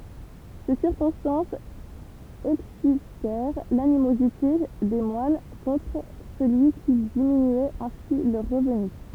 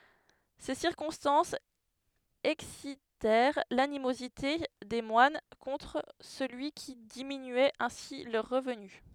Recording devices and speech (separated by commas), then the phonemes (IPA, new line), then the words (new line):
temple vibration pickup, headset microphone, read sentence
se siʁkɔ̃stɑ̃sz ɛksitɛʁ lanimozite de mwan kɔ̃tʁ səlyi ki diminyɛt ɛ̃si lœʁ ʁəvny
Ces circonstances excitèrent l'animosité des moines contre celui qui diminuait ainsi leurs revenus.